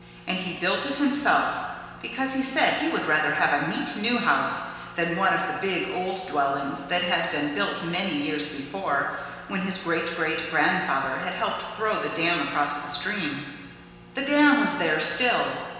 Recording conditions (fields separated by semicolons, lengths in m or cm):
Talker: one person; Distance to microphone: 1.7 m; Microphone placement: close; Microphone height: 1.0 m; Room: very reverberant, large; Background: none